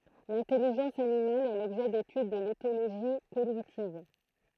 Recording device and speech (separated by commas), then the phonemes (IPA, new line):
throat microphone, read sentence
lɛ̃tɛliʒɑ̃s animal ɛ lɔbʒɛ detyd də letoloʒi koɲitiv